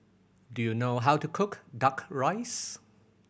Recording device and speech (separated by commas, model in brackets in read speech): boundary microphone (BM630), read sentence